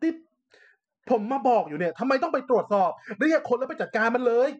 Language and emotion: Thai, angry